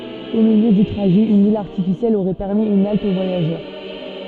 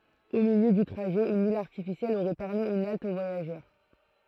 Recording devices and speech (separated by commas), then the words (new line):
soft in-ear microphone, throat microphone, read sentence
Au milieu du trajet, une île artificielle aurait permis une halte aux voyageurs.